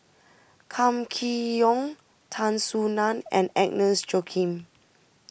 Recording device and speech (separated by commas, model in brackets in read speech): boundary microphone (BM630), read sentence